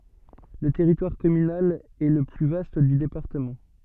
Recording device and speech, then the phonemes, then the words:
soft in-ear microphone, read sentence
lə tɛʁitwaʁ kɔmynal ɛ lə ply vast dy depaʁtəmɑ̃
Le territoire communal est le plus vaste du département.

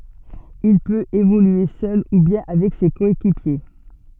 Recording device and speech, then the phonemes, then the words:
soft in-ear microphone, read sentence
il pøt evolye sœl u bjɛ̃ avɛk se kɔekipje
Il peut évoluer seul ou bien avec ses coéquipiers.

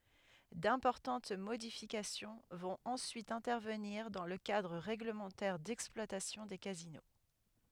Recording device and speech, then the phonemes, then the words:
headset microphone, read sentence
dɛ̃pɔʁtɑ̃t modifikasjɔ̃ vɔ̃t ɑ̃syit ɛ̃tɛʁvəniʁ dɑ̃ lə kadʁ ʁɛɡləmɑ̃tɛʁ dɛksplwatasjɔ̃ de kazino
D’importantes modifications vont ensuite intervenir dans le cadre règlementaire d’exploitation des casinos.

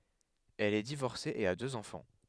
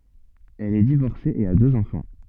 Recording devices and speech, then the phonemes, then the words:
headset microphone, soft in-ear microphone, read sentence
ɛl ɛ divɔʁse e a døz ɑ̃fɑ̃
Elle est divorcée et a deux enfants.

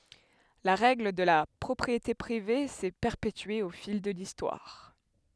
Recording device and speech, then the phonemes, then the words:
headset microphone, read sentence
la ʁɛɡl də la pʁɔpʁiete pʁive sɛ pɛʁpetye o fil də listwaʁ
La règle de la propriété privée s’est perpétuée au fil de l’histoire.

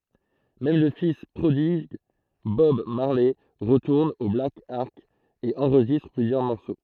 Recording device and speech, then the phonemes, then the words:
throat microphone, read sentence
mɛm lə fis pʁodiɡ bɔb maʁlɛ ʁətuʁn o blak ɑʁk e ɑ̃ʁʒistʁ plyzjœʁ mɔʁso
Même le fils prodigue Bob Marley retourne au Black Ark et enregistre plusieurs morceaux.

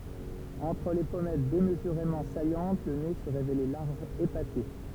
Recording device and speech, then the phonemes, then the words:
temple vibration pickup, read sentence
ɑ̃tʁ le pɔmɛt demzyʁemɑ̃ sajɑ̃t lə ne sə ʁevelɛ laʁʒ epate
Entre les pommettes démesurément saillantes, le nez se révélait large, épaté.

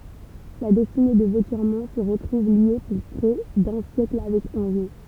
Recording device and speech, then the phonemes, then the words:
temple vibration pickup, read sentence
la dɛstine də votjɛʁmɔ̃ sə ʁətʁuv lje puʁ pʁɛ dœ̃ sjɛkl avɛk ɑ̃ʒo
La destinée de Vauthiermont se retrouve liée pour près d'un siècle avec Angeot.

